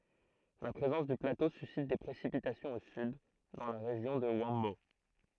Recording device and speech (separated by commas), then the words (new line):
throat microphone, read sentence
La présence du plateau suscite des précipitations au sud, dans la région de Huambo.